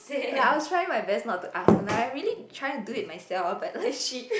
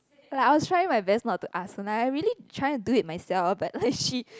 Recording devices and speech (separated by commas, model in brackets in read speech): boundary microphone, close-talking microphone, conversation in the same room